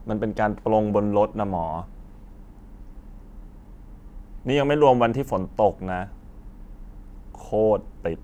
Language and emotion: Thai, frustrated